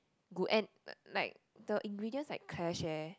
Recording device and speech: close-talking microphone, conversation in the same room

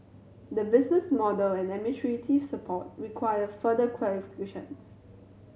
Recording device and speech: mobile phone (Samsung C7100), read sentence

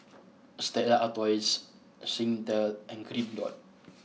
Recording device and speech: mobile phone (iPhone 6), read sentence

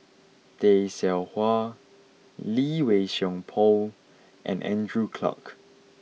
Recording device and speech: mobile phone (iPhone 6), read sentence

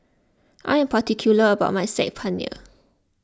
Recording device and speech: close-talking microphone (WH20), read sentence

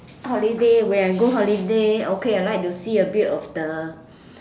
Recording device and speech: standing microphone, conversation in separate rooms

